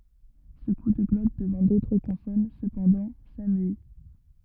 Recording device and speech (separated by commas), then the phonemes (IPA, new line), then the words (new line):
rigid in-ear microphone, read sentence
sə ku də ɡlɔt dəvɑ̃ dotʁ kɔ̃sɔn səpɑ̃dɑ̃ samyi
Ce coup de glotte devant d'autres consonnes, cependant, s'amuït.